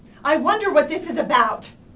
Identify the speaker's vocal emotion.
angry